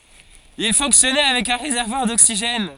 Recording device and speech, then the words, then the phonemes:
forehead accelerometer, read sentence
Il fonctionnait avec un réservoir d'oxygène.
il fɔ̃ksjɔnɛ avɛk œ̃ ʁezɛʁvwaʁ doksiʒɛn

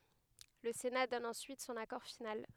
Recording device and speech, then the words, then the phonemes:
headset microphone, read sentence
Le Sénat donne ensuite son accord final.
lə sena dɔn ɑ̃syit sɔ̃n akɔʁ final

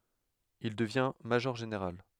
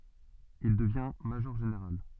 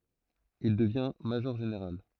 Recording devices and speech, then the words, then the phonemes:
headset microphone, soft in-ear microphone, throat microphone, read sentence
Il devient major-général.
il dəvjɛ̃ maʒɔʁʒeneʁal

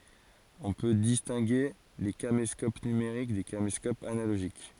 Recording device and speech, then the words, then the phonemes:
forehead accelerometer, read sentence
On peut distinguer les caméscopes numériques des caméscopes analogiques.
ɔ̃ pø distɛ̃ɡe le kameskop nymeʁik de kameskopz analoʒik

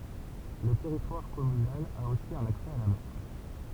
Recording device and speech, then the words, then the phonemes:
temple vibration pickup, read sentence
Le territoire communal a aussi un accès à la mer.
lə tɛʁitwaʁ kɔmynal a osi œ̃n aksɛ a la mɛʁ

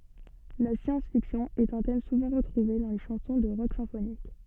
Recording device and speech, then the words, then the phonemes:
soft in-ear microphone, read sentence
La science-fiction est un thème souvent retrouvé dans les chansons de rock symphonique.
la sjɑ̃s fiksjɔ̃ ɛt œ̃ tɛm suvɑ̃ ʁətʁuve dɑ̃ le ʃɑ̃sɔ̃ də ʁɔk sɛ̃fonik

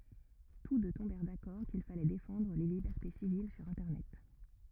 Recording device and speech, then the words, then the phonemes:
rigid in-ear microphone, read sentence
Tous deux tombèrent d'accord qu'il fallait défendre les libertés civiles sur Internet.
tus dø tɔ̃bɛʁ dakɔʁ kil falɛ defɑ̃dʁ le libɛʁte sivil syʁ ɛ̃tɛʁnɛt

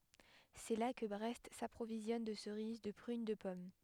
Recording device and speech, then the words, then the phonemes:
headset microphone, read sentence
C'est là que Brest s'approvisionne de cerises, de prunes, de pommes.
sɛ la kə bʁɛst sapʁovizjɔn də səʁiz də pʁyn də pɔm

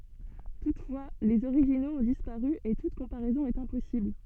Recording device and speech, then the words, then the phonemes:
soft in-ear microphone, read sentence
Toutefois, les originaux ont disparu et toute comparaison est impossible.
tutfwa lez oʁiʒinoz ɔ̃ dispaʁy e tut kɔ̃paʁɛzɔ̃ ɛt ɛ̃pɔsibl

